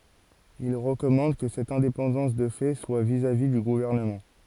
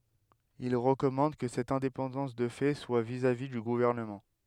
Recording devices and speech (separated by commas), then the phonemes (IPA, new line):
forehead accelerometer, headset microphone, read sentence
il ʁəkɔmɑ̃d kə sɛt ɛ̃depɑ̃dɑ̃s də fɛ swa vizavi dy ɡuvɛʁnəmɑ̃